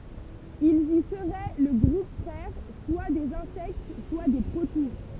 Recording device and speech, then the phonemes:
temple vibration pickup, read sentence
ilz i səʁɛ lə ɡʁup fʁɛʁ swa dez ɛ̃sɛkt swa de pʁotuʁ

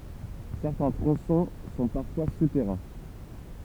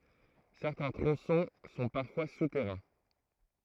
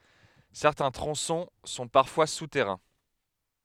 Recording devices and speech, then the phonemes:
temple vibration pickup, throat microphone, headset microphone, read sentence
sɛʁtɛ̃ tʁɔ̃sɔ̃ sɔ̃ paʁfwa sutɛʁɛ̃

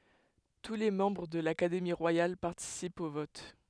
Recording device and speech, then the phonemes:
headset microphone, read sentence
tu le mɑ̃bʁ də lakademi ʁwajal paʁtisipt o vɔt

